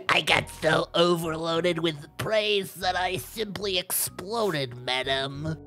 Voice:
gravelly voice